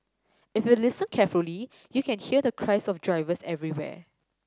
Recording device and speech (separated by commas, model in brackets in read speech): standing microphone (AKG C214), read sentence